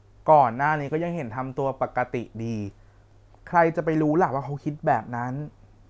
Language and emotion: Thai, frustrated